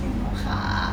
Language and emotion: Thai, sad